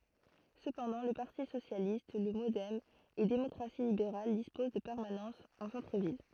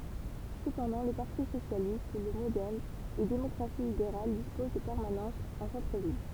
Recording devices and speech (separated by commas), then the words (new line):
throat microphone, temple vibration pickup, read sentence
Cependant, le Parti socialiste, le MoDem et Démocratie libérale disposent de permanences en centre-ville.